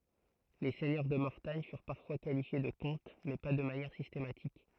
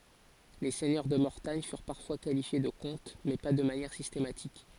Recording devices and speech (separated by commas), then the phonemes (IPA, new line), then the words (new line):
throat microphone, forehead accelerometer, read sentence
le sɛɲœʁ də mɔʁtaɲ fyʁ paʁfwa kalifje də kɔ̃t mɛ pa də manjɛʁ sistematik
Les seigneurs de Mortagne furent parfois qualifiés de comtes, mais pas de manière systématique.